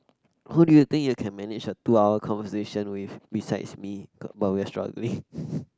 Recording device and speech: close-talking microphone, conversation in the same room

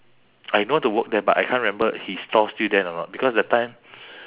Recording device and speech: telephone, conversation in separate rooms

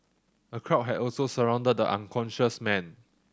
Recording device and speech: standing microphone (AKG C214), read sentence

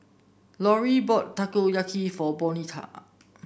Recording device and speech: boundary microphone (BM630), read sentence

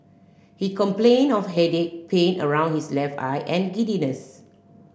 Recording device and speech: boundary microphone (BM630), read sentence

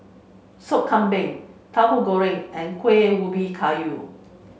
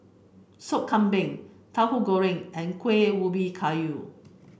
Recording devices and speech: mobile phone (Samsung C5), boundary microphone (BM630), read sentence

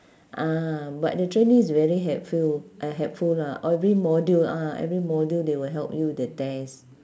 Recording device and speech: standing microphone, conversation in separate rooms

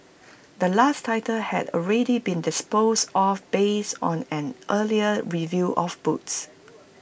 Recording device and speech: boundary microphone (BM630), read sentence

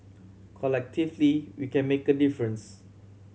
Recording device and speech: mobile phone (Samsung C7100), read sentence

